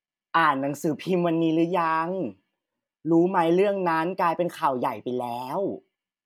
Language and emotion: Thai, neutral